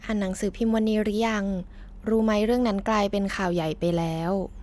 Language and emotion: Thai, neutral